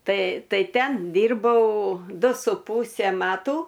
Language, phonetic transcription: Lithuanian, ˈtai ˈtai ˈten ˈdyrbau ˈdu su ˈpūse ˈmatų

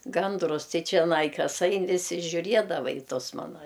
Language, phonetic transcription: Lithuanian, ˈgandrus ˈtai čeˈnai ˈkas ˈain viˈsi žiuˈriedava i ˈtus ˈmana

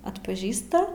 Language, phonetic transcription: Lithuanian, atpaˈžįsta

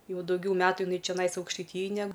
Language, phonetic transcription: Lithuanian, ˈjau dauˈgiau ˈmetu jiˈnai čeˈnais aukštaiˈtyjaj ne

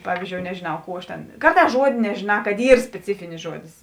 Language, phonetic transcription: Lithuanian, ˈpavyzdžiou nežėˈnau ˈkų aš tėn ˈkarˌtās ˈžuodė nežėˈnā kad ˈyr speˈcifinis ˈžuodis

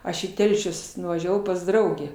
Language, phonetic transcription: Lithuanian, ˈaš į ˈtelšius nuvaˈžiavau pas ˈdraugę

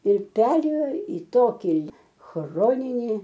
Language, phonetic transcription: Lithuanian, ir ˈperėjo į ˈtoki ˈchroninį

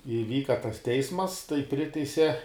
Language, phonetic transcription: Lithuanian, iˈvyka tas ˈteismas tai ˈpriteise

